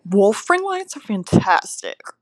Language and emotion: English, disgusted